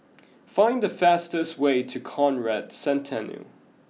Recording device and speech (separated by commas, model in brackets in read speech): mobile phone (iPhone 6), read sentence